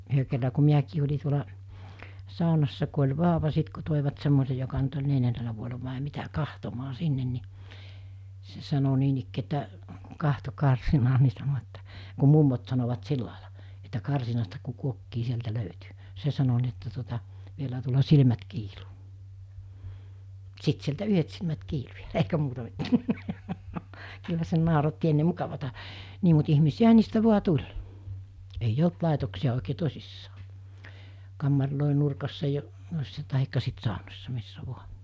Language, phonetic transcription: Finnish, 'yhö kerra ku 'miäkii oĺi tuola , 'sàonassa ku oĺ 'vaaᵒva 'sit ku 'tòivat semmose joka nyt oĺ 'neljännelä vuoela vàe 'mitä "kahtomaa 'sinnen ni , se sano 'niinikkii että , 'kahto 'karsinaa ni sano että , ku 'mummot sanovat 'sillàila , että 'karsinasta ku 'kuokkii 'sieltä 'löytỳ , 'se sano ni että tuota , » 'vielä(hä?) tuola 'silmät 'kiiluu « , 'sit sieltä 'yhet silmät 'kiilu ja eikä 'muuta 'mittää , kyllä se 'nàoratti enne 'mukavata , 'nii mut 'ihmisi₍äɦa 'niistä 'vu̬a "tuĺ , ei"j ‿olt 'làetoksi₍a òikee "tosissaa , 'kammarlòe nurkassa jo- , tahikka sit 'sàonossa 'missä 'vua .
- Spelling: yhden kerran kun minäkin olin tuolla saunassa kun oli vauva sitten kun toivat semmoisen joka nyt oli neljännellä vuodella vai mitä katsomaan sinne niin se sanoi niinikään että katso karsinaan niin sanoi että kun mummot sanovat sillä lailla että karsinasta kun kuokkii sieltä löytyi se sanoi niin että tuota vielähän tuolla silmät kiiluu sitten sieltä yhdet silmät kiilui ja eikä muuta mitään kyllä se nauratti ennen mukavaa niin mutta ihmisiähän niistä vain tuli ei ollut laitoksia oikein tosissaan kammareiden nurkassa - tai sitten saunassa missä vain

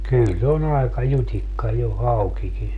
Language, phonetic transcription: Finnish, kyl se on ‿aeka 'jut́ikka jo 'haukiki .
- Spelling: kyllä se on aika jutikka jo haukikin

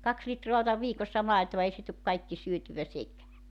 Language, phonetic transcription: Finnish, 'kaks 'litroa otav 'viikossa "maetova 'ei se tuk 'kaikki 'syötyvä "sekää .
- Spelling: kaksi litraa otan viikossa maitoa ei se tule kaikki syötyä sekään

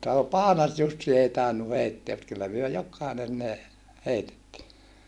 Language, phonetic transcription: Finnish, tàe Paanas-Jussi ei tainnu heitteä mut kyllä myö jok̆kàinen ne , heitettii .
- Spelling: tai Paanas-Jussi ei tainnut heittää mutta kyllä me jokainen ne heitettiin

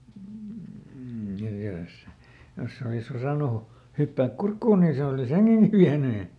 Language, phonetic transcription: Finnish, ja jos , ˈjos se olisˈosànu , "hyppääk "kurkkuun nii ˈse olis "heŋGeŋGi viäny .
- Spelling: ja jos jos se olisi osannut hypätä kurkkuun niin se olisi hengenkin vienyt

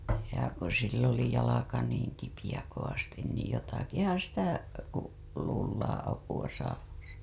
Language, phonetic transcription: Finnish, ja ko sill ‿oli jalaka niiŋ kipijä kovastin niij 'jotakihaa̰ sitä , ku , luullaaa̰ apu‿a saavan̬(sa) .
- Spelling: ja kun sillä oli jalka niin kipeä kovasti niin jotakinhan sitä kun luullaan apua saavansa

